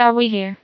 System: TTS, vocoder